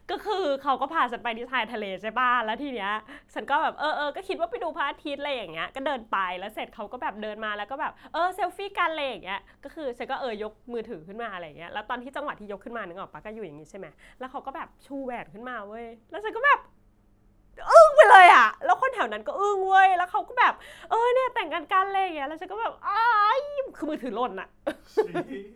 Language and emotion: Thai, happy